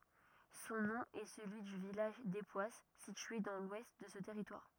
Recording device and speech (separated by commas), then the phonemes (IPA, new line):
rigid in-ear microphone, read sentence
sɔ̃ nɔ̃ ɛ səlyi dy vilaʒ depwas sitye dɑ̃ lwɛst də sə tɛʁitwaʁ